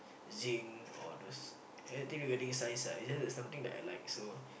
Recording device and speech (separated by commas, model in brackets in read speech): boundary microphone, conversation in the same room